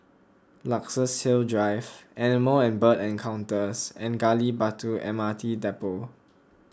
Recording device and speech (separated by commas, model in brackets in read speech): close-talking microphone (WH20), read sentence